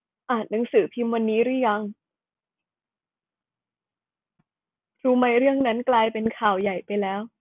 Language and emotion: Thai, sad